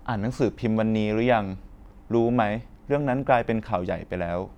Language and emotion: Thai, neutral